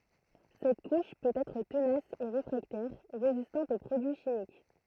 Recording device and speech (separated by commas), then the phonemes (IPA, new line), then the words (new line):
throat microphone, read sentence
sɛt kuʃ pøt ɛtʁ tənas e ʁefʁaktɛʁ ʁezistɑ̃t o pʁodyi ʃimik
Cette couche peut être tenace et réfractaire, résistante au produits chimiques.